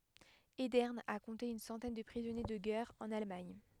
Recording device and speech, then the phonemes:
headset microphone, read sentence
edɛʁn a kɔ̃te yn sɑ̃tɛn də pʁizɔnje də ɡɛʁ ɑ̃n almaɲ

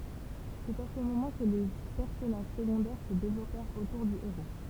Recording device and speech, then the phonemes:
temple vibration pickup, read sentence
sɛt a sə momɑ̃ kə le pɛʁsɔnaʒ səɡɔ̃dɛʁ sə devlɔpɛʁt otuʁ dy eʁo

